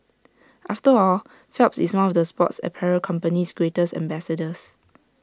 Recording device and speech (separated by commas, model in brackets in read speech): standing microphone (AKG C214), read sentence